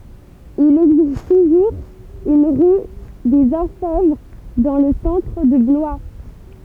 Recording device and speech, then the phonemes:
temple vibration pickup, read sentence
il ɛɡzist tuʒuʁz yn ʁy dez ɔʁfɛvʁ dɑ̃ lə sɑ̃tʁ də blwa

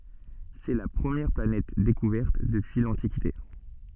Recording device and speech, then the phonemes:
soft in-ear microphone, read sentence
sɛ la pʁəmjɛʁ planɛt dekuvɛʁt dəpyi lɑ̃tikite

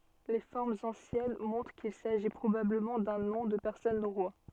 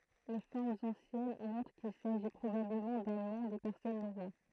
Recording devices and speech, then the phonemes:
soft in-ear microphone, throat microphone, read sentence
le fɔʁmz ɑ̃sjɛn mɔ̃tʁ kil saʒi pʁobabləmɑ̃ dœ̃ nɔ̃ də pɛʁsɔn noʁwa

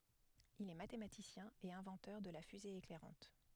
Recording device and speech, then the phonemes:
headset microphone, read sentence
il ɛ matematisjɛ̃ e ɛ̃vɑ̃tœʁ də la fyze eklɛʁɑ̃t

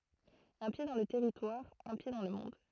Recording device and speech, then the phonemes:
throat microphone, read sentence
œ̃ pje dɑ̃ lə tɛʁitwaʁ œ̃ pje dɑ̃ lə mɔ̃d

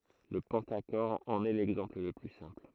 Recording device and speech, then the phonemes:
throat microphone, read sentence
lə pɑ̃taʃɔʁ ɑ̃n ɛ lɛɡzɑ̃pl lə ply sɛ̃pl

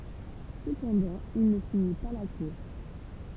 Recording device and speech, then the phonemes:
temple vibration pickup, read sentence
səpɑ̃dɑ̃ il nə fini pa la kuʁs

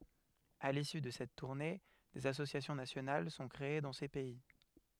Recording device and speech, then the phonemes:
headset microphone, read sentence
a lisy də sɛt tuʁne dez asosjasjɔ̃ nasjonal sɔ̃ kʁee dɑ̃ se pɛi

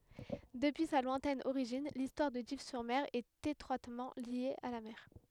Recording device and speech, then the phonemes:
headset microphone, read sentence
dəpyi sa lwɛ̃tɛn oʁiʒin listwaʁ də div syʁ mɛʁ ɛt etʁwatmɑ̃ lje a la mɛʁ

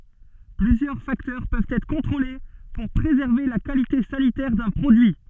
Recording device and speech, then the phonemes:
soft in-ear microphone, read sentence
plyzjœʁ faktœʁ pøvt ɛtʁ kɔ̃tʁole puʁ pʁezɛʁve la kalite sanitɛʁ dœ̃ pʁodyi

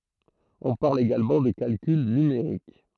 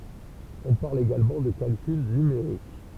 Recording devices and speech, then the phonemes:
throat microphone, temple vibration pickup, read sentence
ɔ̃ paʁl eɡalmɑ̃ də kalkyl nymeʁik

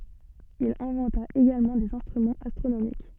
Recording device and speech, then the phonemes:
soft in-ear microphone, read sentence
il ɛ̃vɑ̃ta eɡalmɑ̃ dez ɛ̃stʁymɑ̃z astʁonomik

